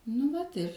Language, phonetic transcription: Lithuanian, nu ˈvat ir

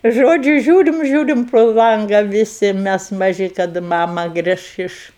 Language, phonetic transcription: Lithuanian, ˈžodžiu ˈžiūrim ˈžiūrim pro ˈlanga viˈsi ˈmes maˈži kaˈda ˈmama ˈgriš iš

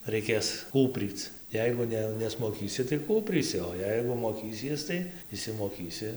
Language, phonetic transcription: Lithuanian, reiˈkės ˈkūpryc ˈjeigu ˈne nesmoˈkysi tai ˈkūprysi o ˈjeigu moˈkysies tai išsimoˈkysi

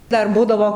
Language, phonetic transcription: Lithuanian, ˈdar ˈbūdavo

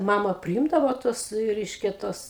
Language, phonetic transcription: Lithuanian, ˈmama priˈimdavo ˈtuos ˈreiškia ˈtuos

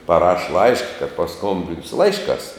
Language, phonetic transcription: Lithuanian, paˈraš ˈlaiška kad paˈskombinsiu ˈlaišˌkās

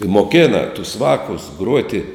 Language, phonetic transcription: Lithuanian, i moˈkėna tus ˈvākus ˈgruoti

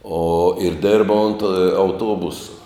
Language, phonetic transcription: Lithuanian, o ir ˈdirba ont ė auˈtuobusa

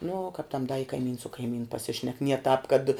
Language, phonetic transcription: Lithuanian, nu kap tam da i kaiˈmyns su kaiˈmynu paˈsišnek nie tāp kad

